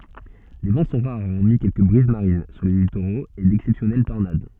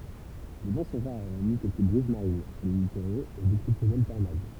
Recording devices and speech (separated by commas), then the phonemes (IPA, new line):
soft in-ear microphone, temple vibration pickup, read sentence
le vɑ̃ sɔ̃ ʁaʁ ɔʁmi kɛlkə bʁiz maʁin syʁ le litoʁoz e dɛksɛpsjɔnɛl tɔʁnad